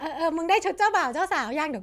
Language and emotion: Thai, happy